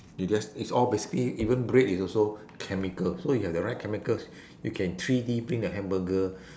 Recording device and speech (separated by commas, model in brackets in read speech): standing microphone, conversation in separate rooms